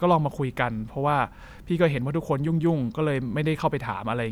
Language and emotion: Thai, neutral